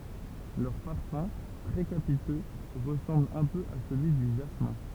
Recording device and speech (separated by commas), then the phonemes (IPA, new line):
temple vibration pickup, read sentence
lœʁ paʁfœ̃ tʁɛ kapitø ʁəsɑ̃bl œ̃ pø a səlyi dy ʒasmɛ̃